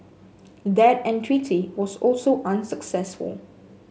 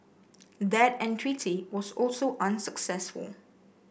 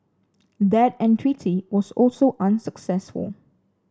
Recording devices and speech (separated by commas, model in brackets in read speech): mobile phone (Samsung S8), boundary microphone (BM630), standing microphone (AKG C214), read sentence